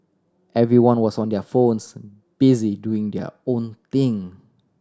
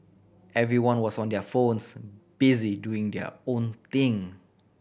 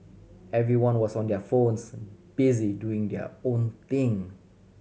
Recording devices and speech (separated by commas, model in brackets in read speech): standing microphone (AKG C214), boundary microphone (BM630), mobile phone (Samsung C7100), read sentence